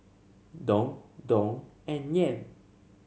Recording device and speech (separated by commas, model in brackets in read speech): mobile phone (Samsung C7), read sentence